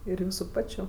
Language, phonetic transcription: Lithuanian, ir ˈjūsu ˈpačiu

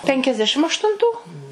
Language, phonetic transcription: Lithuanian, penkiasˈdešim aštunˈtų

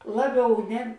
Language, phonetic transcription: Lithuanian, ˈlaˌbiau ˈne

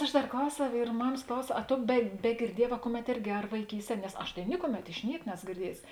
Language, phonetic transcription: Lithuanian, ˈaš ˈdar ˈklausiau ir ˈmamas ˈklausiau a ˈto be begirˈdieˌjē va ˈkuˌmet ˈirgi ar vaiˈkysˌtie nes ˈaš tai ˈnikuˌmet iš ˈniek ˈneso girˈdiejusi

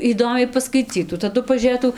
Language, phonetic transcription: Lithuanian, įˈdomiai paskaiˈcytų taˈdu pažiūˈrėtų

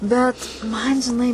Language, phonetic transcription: Lithuanian, ˈbet ˈman žiˈnai

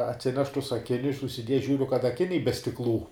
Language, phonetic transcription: Lithuanian, atˈsineš tus aˈkinius užsiˈdieja ˈžiūriu kad aˈkiniai be stikˈlų

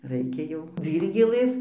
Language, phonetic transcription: Lithuanian, ˈraikia jau ˈdzyrgėlɘs

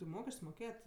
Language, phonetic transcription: Lithuanian, ti ˈmokesč's' moˈkėjat'

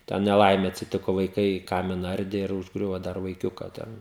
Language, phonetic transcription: Lithuanian, ten neˈlaimė atsiˈtiko vaiˈkai ˈkamina ˈardė ir užˈgriuvo ˈdar vaiˈkiuka ˈten

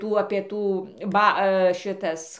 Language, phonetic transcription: Lithuanian, ˈtų ˈapie ˈtų ˈba ˈšitas

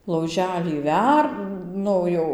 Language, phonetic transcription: Lithuanian, lauˈželį ˈver ˈnu jau

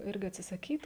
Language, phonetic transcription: Lithuanian, ˈirgi atsisaˈkyt

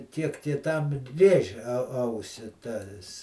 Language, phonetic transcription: Lithuanian, ˈtiek tie ˈtam ˈrėžia ˈausi ˈtas

